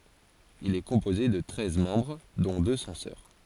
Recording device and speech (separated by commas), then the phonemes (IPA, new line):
forehead accelerometer, read sentence
il ɛ kɔ̃poze də tʁɛz mɑ̃bʁ dɔ̃ dø sɑ̃sœʁ